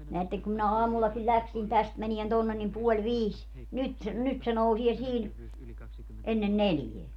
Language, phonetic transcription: Finnish, neätteŋ kum minä 'aamullakiĺ 'ĺäksin 'täst mänien 'tonnen nim 'puoĺ "viis , 'nyt se , 'nyt se 'nousie 'sii(n) , 'ennen "neljeä .
- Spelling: näette kun minä aamullakin lähdin tästä menemään tuonne niin puoli viisi nyt se nyt se nousee siinä ennen neljää

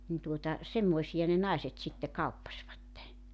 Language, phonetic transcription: Finnish, nin tuota , 'semmoisija ne 'nàeset sitte 'kauppasvatte .
- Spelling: niin tuota semmoisia ne naiset sitten kauppasivat

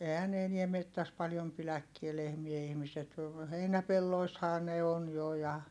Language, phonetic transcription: Finnish, eehän ne eniɛ mettäs paljom piläkkie lehmiä ihmiset , heinäpelloishaa ne on jo ja , .
- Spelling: eihän ne enää metsässä paljon pidäkään lehmiä ihmiset heinäpelloissahan ne on jo ja

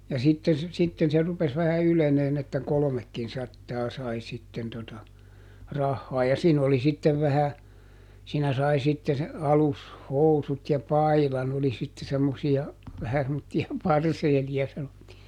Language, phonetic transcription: Finnish, ja ˈsitten̬ se , ˈsitten se ˈrupes vähä ˈyleneen ‿että "kolomekkinˈsattaa ˈsai sitten tota , ˈrahhaa ja ˈsiin ‿oli ˈsittev vähä , siinä ˈsai sitte , ˈalus"housut ja "pailan oli sitte semmosi₍a , vähä semmotti₍a "parseeli₍a sanottii .
- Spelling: ja sitten se sitten se rupesi vähän ylenemään että kolmekinsataa sai sitten tuota rahaa ja siinä oli sitten vähän siinä sai sitten alushousut ja paidan oli sitten semmoisia vähän semmoisia parseeleja sanottiin

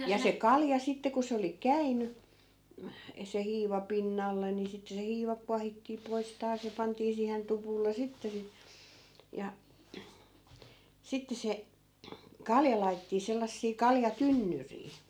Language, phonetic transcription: Finnish, ja se 'kalja 'sitte ko se oli "käiny , eh- , se 'hiiva 'pinnalle ni , 'sittᵉ se 'hiiva kuahittii 'pois 'taas ja 'pantii siihen 'tupulle 'sitte si- , ja , 'sitte se , "kalja lai̮tettii 'sellassii 'kalja'tynnyrii .
- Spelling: ja se kalja sitten kun se oli käynyt - se hiiva pinnalle niin sitten se hiiva kuohittiin pois taas ja pantiin siihen tupulle sitten - ja sitten se kalja laitettiin sellaisia kaljatynnyrejä

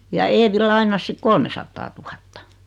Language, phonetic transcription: Finnish, ja 'Eevi "lain̆nas 'sik "kolmesattaatuhatta .
- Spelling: ja Eevi lainasi sitten kolmesataatuhatta

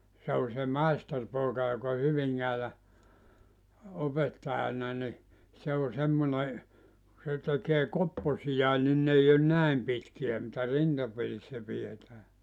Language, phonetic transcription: Finnish, se o se 'maisterpooka jok ‿o 'Hyviŋŋäälä , 'opettaʲana ni , 'se o 'semmone , se tekee 'kopposijae nin 'n ‿ei on "näem 'pitki₍ä mitä 'rintaperissä pi₍etää .
- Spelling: se on se maisteripoika joka on Hyvinkäällä opettajana niin se on semmoinen se tekee kopposiakin niin ne ei ole näin pitkiä mitä rintaperissä pidetään

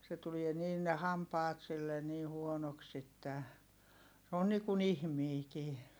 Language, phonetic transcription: Finnish, se tulie niin ne hampaat sillen nii huonoks ‿että , se on niikun ‿ihmiikii .
- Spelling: se tulee niin ne hampaat sille niin huonoiksi että se on niin kuin ihminenkin

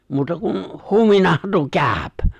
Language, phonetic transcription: Finnish, 'muuta kun , "huminahan tuo "kääp !
- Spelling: muuta kuin huminahan tuo käy

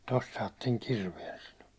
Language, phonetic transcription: Finnish, » 'tost saatteŋ 'kirvien « sano .
- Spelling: tuosta saatte kirveen sanoi

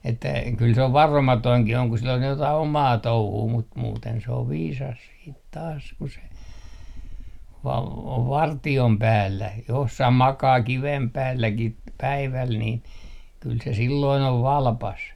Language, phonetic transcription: Finnish, että , kyl se ov "varomatoiŋkih ‿oŋ ku sil ‿on jotai "omaa 'touhuu mut 'muuten se ov 'viisas 'siit taas ku se , o - ov "varti₍om 'päällä 'jossah makaa "kivem 'päälläki ‿t- , 'päiväl niin , kyl se 'silloin ‿ov "valpas .
- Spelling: että kyllä se on varomatonkin on kun sillä on jotakin omaa touhua mutta muuten se on viisas sitten taas kun se - on vartion päällä jossakin makaa kiven päälläkin - päivällä niin kyllä se silloin on valpas

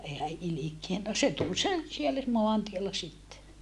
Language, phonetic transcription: Finnish, ee hä ʼilikien no se tul sen , siellä moantiella sitte .
- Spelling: ei hän ilkeä no se tuli sen siellä maantiellä sitten

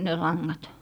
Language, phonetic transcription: Finnish, ne laŋŋat .
- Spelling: ne langat

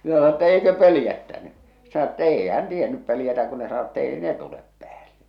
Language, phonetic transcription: Finnish, mⁱⁿä sano ‿ttä » 'eikö 'pölⁱjättäny « , sᴇ sano ‿t't ‿eei hän tienyp pöljätä kun ne sano et't ‿eei ne 'tulep pᵉäälle .
- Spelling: minä sanoin että eikö pelottanut se sanoi että ei hän tiennyt pelätä kun ne sanoi että ei ne tule päälle

